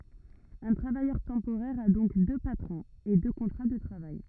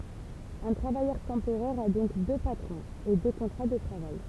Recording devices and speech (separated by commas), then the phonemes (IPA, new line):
rigid in-ear microphone, temple vibration pickup, read sentence
œ̃ tʁavajœʁ tɑ̃poʁɛʁ a dɔ̃k dø patʁɔ̃z e dø kɔ̃tʁa də tʁavaj